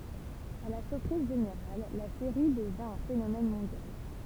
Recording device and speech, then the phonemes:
temple vibration pickup, read sentence
a la syʁpʁiz ʒeneʁal la seʁi dəvjɛ̃ œ̃ fenomɛn mɔ̃djal

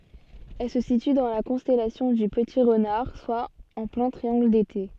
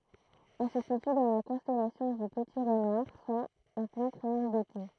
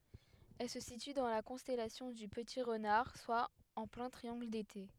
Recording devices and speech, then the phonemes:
soft in-ear microphone, throat microphone, headset microphone, read sentence
ɛl sə sity dɑ̃ la kɔ̃stɛlasjɔ̃ dy pəti ʁənaʁ swa ɑ̃ plɛ̃ tʁiɑ̃ɡl dete

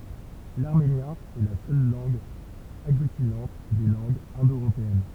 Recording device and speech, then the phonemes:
temple vibration pickup, read sentence
laʁmenjɛ̃ ɛ la sœl lɑ̃ɡ aɡlytinɑ̃t de lɑ̃ɡz ɛ̃do øʁopeɛn

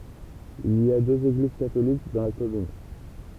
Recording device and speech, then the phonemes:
temple vibration pickup, read sentence
il i døz eɡliz katolik dɑ̃ la kɔmyn

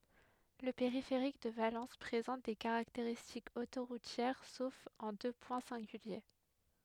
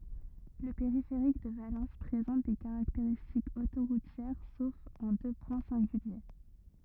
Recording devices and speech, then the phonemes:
headset microphone, rigid in-ear microphone, read sentence
lə peʁifeʁik də valɑ̃s pʁezɑ̃t de kaʁakteʁistikz otoʁutjɛʁ sof ɑ̃ dø pwɛ̃ sɛ̃ɡylje

